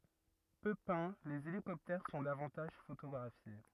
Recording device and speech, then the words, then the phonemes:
rigid in-ear microphone, read sentence
Peu peints, les hélicoptères sont davantage photographiés.
pø pɛ̃ lez elikɔptɛʁ sɔ̃ davɑ̃taʒ fotoɡʁafje

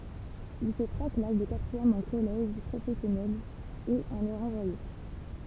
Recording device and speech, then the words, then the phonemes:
temple vibration pickup, read sentence
Il fait trois classes de quatrième en collège professionnel, et en est renvoyé.
il fɛ tʁwa klas də katʁiɛm ɑ̃ kɔlɛʒ pʁofɛsjɔnɛl e ɑ̃n ɛ ʁɑ̃vwaje

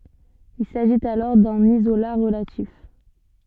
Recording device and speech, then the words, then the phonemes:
soft in-ear microphone, read sentence
Il s'agit alors d'un isolat relatif.
il saʒit alɔʁ dœ̃n izola ʁəlatif

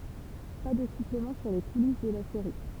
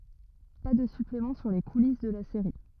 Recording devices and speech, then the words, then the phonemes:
temple vibration pickup, rigid in-ear microphone, read sentence
Pas de suppléments sur les coulisses de la série.
pa də syplemɑ̃ syʁ le kulis də la seʁi

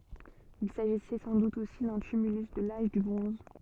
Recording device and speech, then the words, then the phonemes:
soft in-ear microphone, read sentence
Il s'agissait sans doute aussi d'un tumulus de l'Age du bronze.
il saʒisɛ sɑ̃ dut osi dœ̃ tymylys də laʒ dy bʁɔ̃z

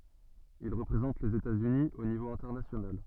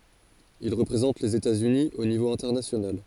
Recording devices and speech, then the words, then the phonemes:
soft in-ear microphone, forehead accelerometer, read sentence
Il représente les États-Unis au niveau international.
il ʁəpʁezɑ̃t lez etatsyni o nivo ɛ̃tɛʁnasjonal

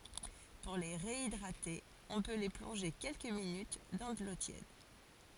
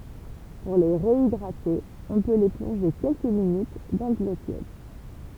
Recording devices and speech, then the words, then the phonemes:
forehead accelerometer, temple vibration pickup, read sentence
Pour les réhydrater, on peut les plonger quelques minutes dans de l'eau tiède..
puʁ le ʁeidʁate ɔ̃ pø le plɔ̃ʒe kɛlkə minyt dɑ̃ də lo tjɛd

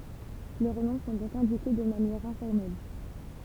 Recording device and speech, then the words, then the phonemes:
temple vibration pickup, read sentence
Leurs noms sont donc indiqués de manière informelle.
lœʁ nɔ̃ sɔ̃ dɔ̃k ɛ̃dike də manjɛʁ ɛ̃fɔʁmɛl

